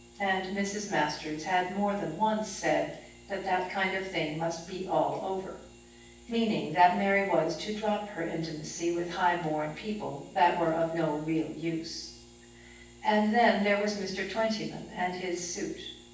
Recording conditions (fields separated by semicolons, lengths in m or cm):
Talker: one person; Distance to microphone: 9.8 m; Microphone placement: far; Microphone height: 1.8 m; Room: large; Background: none